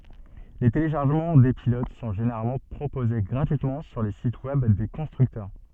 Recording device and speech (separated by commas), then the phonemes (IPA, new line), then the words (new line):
soft in-ear microphone, read sentence
le teleʃaʁʒəmɑ̃ de pilot sɔ̃ ʒeneʁalmɑ̃ pʁopoze ɡʁatyitmɑ̃ syʁ le sit wɛb de kɔ̃stʁyktœʁ
Les téléchargements des pilotes sont généralement proposés gratuitement sur les sites web des constructeurs.